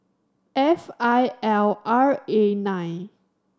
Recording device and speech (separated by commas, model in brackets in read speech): standing microphone (AKG C214), read sentence